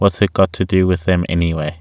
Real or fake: real